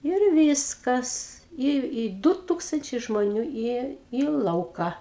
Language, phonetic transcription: Lithuanian, ir ˈvyskas i i ˈdu ˈtūkstančiai žmoˈnių i į ˈlauka

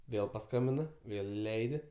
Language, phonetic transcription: Lithuanian, ˈvėl paˈskambina ˈvėl iˈleidi

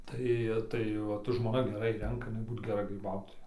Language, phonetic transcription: Lithuanian, ˈtai ˈtai ˈvat žmoˈna geˈrai ˈrenka iˈnai ˈbūt geˈra gryˈbautoja

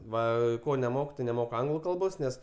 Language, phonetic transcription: Lithuanian, ˈva ˈko neˈmoku tai neˈmoku ˈanglu ˈkalbos ˈnes

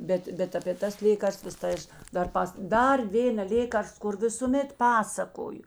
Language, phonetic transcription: Lithuanian, ˈbet ˈbet apė ˈtas ˈlėkarstvas tai ˈaš dar ˈpas ˈdar ˈvėna ˈlėkarst kur visuˈmet ˈpasakoju

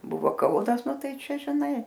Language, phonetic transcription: Lithuanian, ˈbuvo ˈkaunas ˈnu ˈtai ˈčia žiˈnai

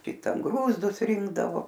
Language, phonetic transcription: Lithuanian, ˈkitan ˈgrūzdus ˈrinkdavo

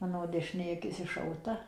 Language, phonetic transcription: Lithuanian, ˈmano dešiˈnė aˈkis iššauˈta

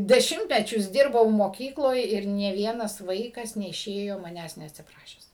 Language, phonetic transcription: Lithuanian, deˈšimtmečius ˈdirbau moˈkykloj ir nė ˈvienas ˈvaikas neiˈšėjo maˈnęs neatsiˈprašęs

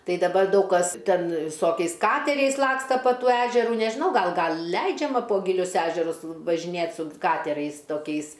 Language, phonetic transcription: Lithuanian, ˈtai daˈbar ˈdaug kas ˈten viˈsokiais ˈkateriais ˈlaksta pa ˈtų ˈežerų nežiˈnau ˈgal ˈgal ˈleidžiama po giˈlius ˈežerus važiˈnėt su ˈkaterais toˈkiais

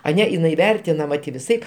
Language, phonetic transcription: Lithuanian, aˈne iˈnai ˈvertinama ti viˈsaip

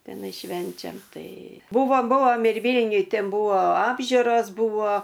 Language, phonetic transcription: Lithuanian, teˈnai ˈšvenčiam ˈtai ˈbuvo ˈbuvom ir ˈvylniuj ˈten ˈbuvo ˈapžiuros ˈbuvo

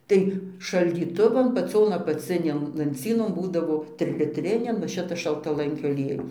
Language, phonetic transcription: Lithuanian, ˈtai šaldyˈtuvan paˈcion apaˈcinėn lanˈcynon ˈbūdavo trilitˈrinian nu ˈšitas šaltaˈlankio aˈliejus

